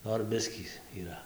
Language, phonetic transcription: Lithuanian, ˈnor ˈbiskį yˈra

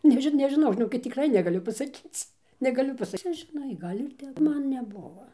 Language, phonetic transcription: Lithuanian, ˈneži nežiˈnau žiˈnokit tikˈrai negaˈliu pasaˈkyc negaˈliu ˈpasa ˈcia žiˈnai ˈgal' ir ˈtep ˈman neˈbuvo

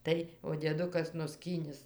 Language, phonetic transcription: Lithuanian, ˈtai o dieˈdukas nuˈskynis

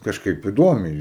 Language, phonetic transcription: Lithuanian, kažˈkaip iˈduomiai

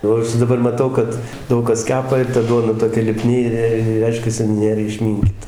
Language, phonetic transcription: Lithuanian, ˈjau aš daˈbar maˈtau kad ˈdaug kas ˈkepa ir ta ˈduoda toˈkia liˈpni ir ˈreiškiasi ˈnėr išˈminkyta

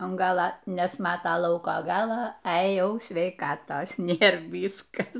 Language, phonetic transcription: Lithuanian, an ˈgala nesˈmata ˈlauko ˈgala e ˈjau sveiˈkatos ˈnėr ˈvyskas

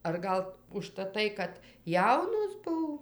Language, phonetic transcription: Lithuanian, ar ˈgal užtaˈtai kad ˈjaunos ˈbuv

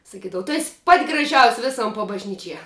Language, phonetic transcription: Lithuanian, saˈkydava tu es' pat' graˈžiaus' ˈvisom pabažˈnyčie

